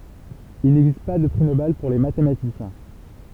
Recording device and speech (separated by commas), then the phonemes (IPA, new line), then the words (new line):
temple vibration pickup, read sentence
il nɛɡzist pa də pʁi nobɛl puʁ le matematisjɛ̃
Il n'existe pas de prix Nobel pour les mathématiciens.